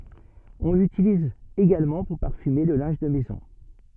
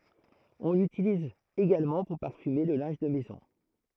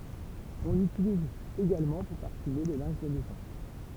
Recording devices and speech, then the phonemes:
soft in-ear microphone, throat microphone, temple vibration pickup, read sentence
ɔ̃ lytiliz eɡalmɑ̃ puʁ paʁfyme lə lɛ̃ʒ də mɛzɔ̃

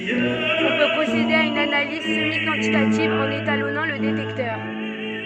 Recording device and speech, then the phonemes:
soft in-ear microphone, read sentence
ɔ̃ pø pʁosede a yn analiz səmikɑ̃titativ ɑ̃n etalɔnɑ̃ lə detɛktœʁ

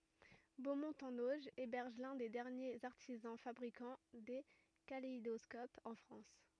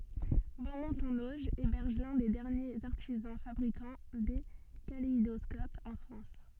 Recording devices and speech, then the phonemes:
rigid in-ear microphone, soft in-ear microphone, read sentence
bomɔ̃t ɑ̃n oʒ ebɛʁʒ lœ̃ de dɛʁnjez aʁtizɑ̃ fabʁikɑ̃ de kaleidɔskopz ɑ̃ fʁɑ̃s

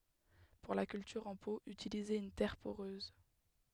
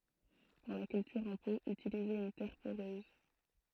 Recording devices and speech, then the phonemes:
headset microphone, throat microphone, read sentence
puʁ la kyltyʁ ɑ̃ po ytilizez yn tɛʁ poʁøz

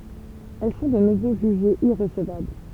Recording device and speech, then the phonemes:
temple vibration pickup, read sentence
ɛl sɔ̃ də nuvo ʒyʒez iʁəsəvabl

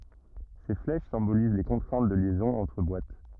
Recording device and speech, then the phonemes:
rigid in-ear microphone, read sentence
se flɛʃ sɛ̃boliz le kɔ̃tʁɛ̃t də ljɛzɔ̃z ɑ̃tʁ bwat

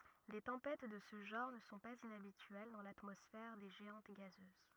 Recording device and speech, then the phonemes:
rigid in-ear microphone, read sentence
de tɑ̃pɛt də sə ʒɑ̃ʁ nə sɔ̃ paz inabityɛl dɑ̃ latmɔsfɛʁ de ʒeɑ̃t ɡazøz

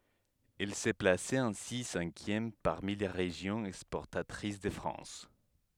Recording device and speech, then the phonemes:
headset microphone, read sentence
ɛl sə plasɛt ɛ̃si sɛ̃kjɛm paʁmi le ʁeʒjɔ̃z ɛkspɔʁtatʁis də fʁɑ̃s

